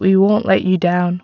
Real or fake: real